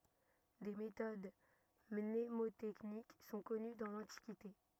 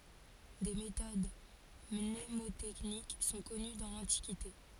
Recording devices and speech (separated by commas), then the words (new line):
rigid in-ear microphone, forehead accelerometer, read sentence
Des méthodes mnémotechniques sont connues dans l'Antiquité.